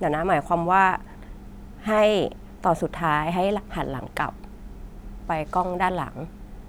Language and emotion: Thai, neutral